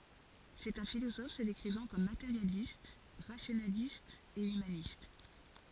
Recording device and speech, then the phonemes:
forehead accelerometer, read sentence
sɛt œ̃ filozɔf sə dekʁivɑ̃ kɔm mateʁjalist ʁasjonalist e ymanist

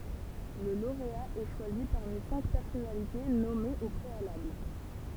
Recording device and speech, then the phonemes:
temple vibration pickup, read sentence
lə loʁea ɛ ʃwazi paʁmi sɛ̃k pɛʁsɔnalite nɔmez o pʁealabl

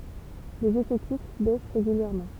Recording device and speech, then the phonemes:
temple vibration pickup, read sentence
lez efɛktif bɛs ʁeɡyljɛʁmɑ̃

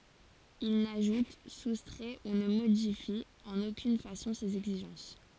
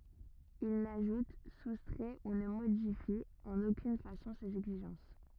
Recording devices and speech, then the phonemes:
forehead accelerometer, rigid in-ear microphone, read sentence
il naʒut sustʁɛ u nə modifi ɑ̃n okyn fasɔ̃ sez ɛɡziʒɑ̃s

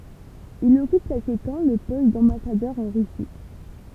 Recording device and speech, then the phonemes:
temple vibration pickup, read sentence
il ɔkyp kɛlkə tɑ̃ lə pɔst dɑ̃basadœʁ ɑ̃ ʁysi

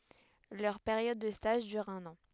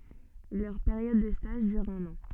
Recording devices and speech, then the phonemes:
headset microphone, soft in-ear microphone, read sentence
lœʁ peʁjɔd də staʒ dyʁ œ̃n ɑ̃

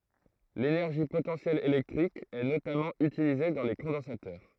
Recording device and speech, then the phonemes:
throat microphone, read sentence
lenɛʁʒi potɑ̃sjɛl elɛktʁik ɛ notamɑ̃ ytilize dɑ̃ le kɔ̃dɑ̃satœʁ

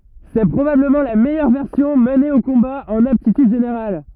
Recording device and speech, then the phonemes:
rigid in-ear microphone, read sentence
sɛ pʁobabləmɑ̃ la mɛjœʁ vɛʁsjɔ̃ məne o kɔ̃ba ɑ̃n aptityd ʒeneʁal

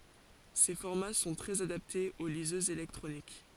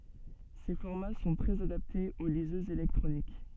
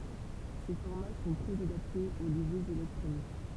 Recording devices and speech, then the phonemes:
forehead accelerometer, soft in-ear microphone, temple vibration pickup, read sentence
se fɔʁma sɔ̃ tʁɛz adaptez o lizøzz elɛktʁonik

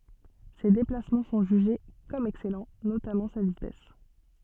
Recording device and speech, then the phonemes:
soft in-ear microphone, read sentence
se deplasmɑ̃ sɔ̃ ʒyʒe kɔm ɛksɛlɑ̃ notamɑ̃ sa vitɛs

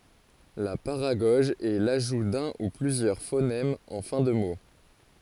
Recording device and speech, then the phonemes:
forehead accelerometer, read sentence
la paʁaɡɔʒ ɛ laʒu dœ̃ u plyzjœʁ fonɛmz ɑ̃ fɛ̃ də mo

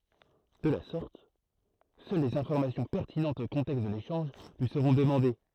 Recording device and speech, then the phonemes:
throat microphone, read sentence
də la sɔʁt sœl lez ɛ̃fɔʁmasjɔ̃ pɛʁtinɑ̃tz o kɔ̃tɛkst də leʃɑ̃ʒ lyi səʁɔ̃ dəmɑ̃de

